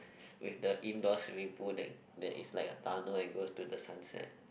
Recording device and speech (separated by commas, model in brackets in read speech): boundary microphone, conversation in the same room